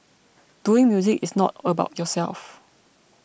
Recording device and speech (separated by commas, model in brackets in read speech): boundary microphone (BM630), read sentence